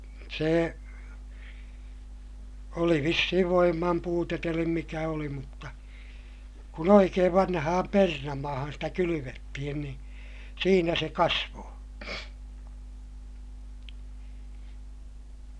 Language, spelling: Finnish, se oli vissiin voiman puutetta eli mikä oli mutta kun oikein vanhaan perunamaahan sitä kylvettiin niin siinä se kasvoi
- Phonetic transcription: se , oli vissihiv voimmam puutet elim mikä oli mutta , kun ‿oikeev vanhaham pernamaahan stä kylyvettihin niin̬ , siinä se kasvoo .

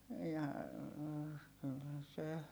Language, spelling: Finnish, ja kyllä se
- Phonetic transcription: ja , kyllä se .

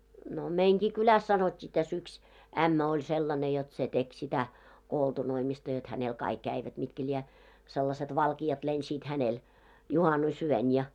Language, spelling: Finnish, no meidänkin kylässä sanottiin tässä yksi ämmä oli sellainen jotta se teki sitä koltunoimista jotta hänellä kaikki kävivät mitkä lie sellaiset valkeat lensivät hänellä juhannusyönä ja
- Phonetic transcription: no 'meiŋɢi 'kyläs sanot́t́i tä's ‿yks , "ämmä oĺ 'sellane jot se 'tek sitä , "koltunoimista jot hänel 'kaik 'käivät mitkä ĺiɛ , sellaset 'valki₍at lensiit 'hänel , 'juhanus₍'yön ja .

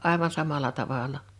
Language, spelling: Finnish, aivan samalla tavalla
- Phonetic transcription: 'ài̬van 'samala 'tavàla .

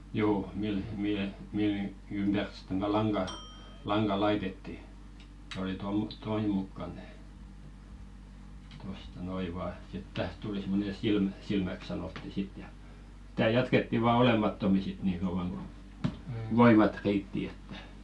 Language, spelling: Finnish, juu millä mihin millä niin ympäri sitten tätä langan langan laitettiin oli - tuon mukaan tehty tuosta noin vain sitten tähän tuli semmoinen silmä silmäksi sanottiin sitten ja tätä jatkettiin vain olemattomiin sitten niin kauan kuin voimat riitti että
- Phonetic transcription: "juu , mil , mihe , mil ni , 'ympär sɪt̆ten tätä 'laŋɢa , 'laŋɢa "laitetti , oli tom- , 'toim mukkan (tehᵗY§) , tosta "noi 'vaa , sit 'täht tuli sim̆mone "silmä , 'silmäk sanotti 'sit ja , [tä]tä̀ 'jatketti vaa "olemattomi sit 'nii kauvaŋ ko , "voimat 'riitti että ,.

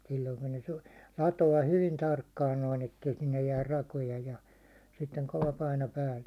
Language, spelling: Finnish, silloin kun ne - latoo hyvin tarkkaan noin että ei sinne jää rakoja ja sitten kova paino päälle
- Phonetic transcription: silloiŋ kun ne su- , 'lato₍a 'hyvin 'tarkkaan noin ‿ettei sinnej jäär 'rakoja ja , sitteŋ kova paino päälle .

